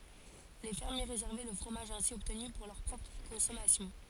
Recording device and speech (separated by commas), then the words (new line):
forehead accelerometer, read sentence
Les fermiers réservaient le fromage ainsi obtenu pour leur propre consommation.